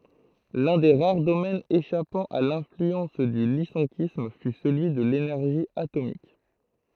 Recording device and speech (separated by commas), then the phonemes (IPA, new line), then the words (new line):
throat microphone, read sentence
lœ̃ de ʁaʁ domɛnz eʃapɑ̃ a lɛ̃flyɑ̃s dy lisɑ̃kism fy səlyi də lenɛʁʒi atomik
L'un des rares domaines échappant à l'influence du lyssenkisme fut celui de l'énergie atomique.